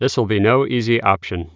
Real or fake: real